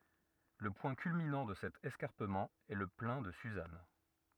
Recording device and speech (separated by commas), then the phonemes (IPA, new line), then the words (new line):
rigid in-ear microphone, read sentence
lə pwɛ̃ kylminɑ̃ də sɛt ɛskaʁpəmɑ̃ ɛ lə plɛ̃ də syzan
Le point culminant de cet escarpement est le Plain de Suzâne.